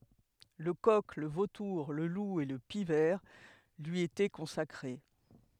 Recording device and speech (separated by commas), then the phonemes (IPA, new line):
headset microphone, read sentence
lə kɔk lə votuʁ lə lu e lə pik vɛʁ lyi etɛ kɔ̃sakʁe